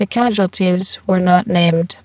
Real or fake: fake